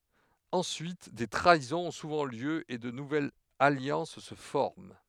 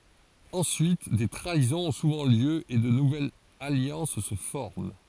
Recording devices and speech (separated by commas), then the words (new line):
headset microphone, forehead accelerometer, read sentence
Ensuite, des trahisons ont souvent lieu et de nouvelles alliances se forment.